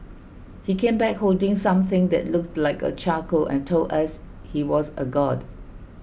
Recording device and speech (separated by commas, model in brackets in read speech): boundary microphone (BM630), read sentence